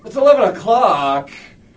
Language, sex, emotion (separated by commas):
English, male, disgusted